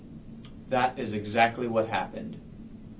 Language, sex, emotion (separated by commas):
English, male, neutral